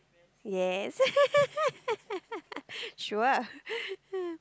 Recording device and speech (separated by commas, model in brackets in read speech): close-talking microphone, conversation in the same room